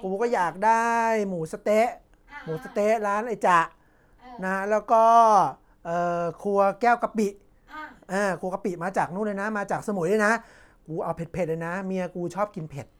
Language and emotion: Thai, neutral